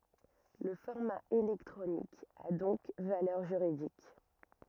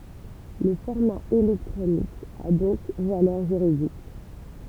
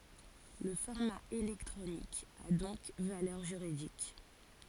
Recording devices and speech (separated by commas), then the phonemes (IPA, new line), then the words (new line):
rigid in-ear microphone, temple vibration pickup, forehead accelerometer, read sentence
lə fɔʁma elɛktʁonik a dɔ̃k valœʁ ʒyʁidik
Le format électronique a donc valeur juridique.